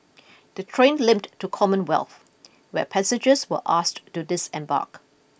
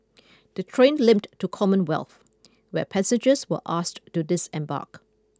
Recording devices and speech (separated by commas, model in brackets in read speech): boundary microphone (BM630), close-talking microphone (WH20), read sentence